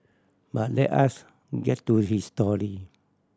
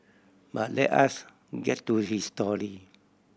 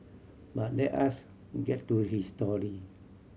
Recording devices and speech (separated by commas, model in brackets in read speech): standing microphone (AKG C214), boundary microphone (BM630), mobile phone (Samsung C7100), read sentence